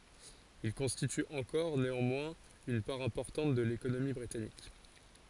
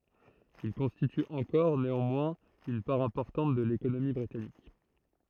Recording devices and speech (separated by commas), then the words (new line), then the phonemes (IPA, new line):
forehead accelerometer, throat microphone, read sentence
Il constitue encore, néanmoins, une part importante de l'économie britannique.
il kɔ̃stity ɑ̃kɔʁ neɑ̃mwɛ̃z yn paʁ ɛ̃pɔʁtɑ̃t də lekonomi bʁitanik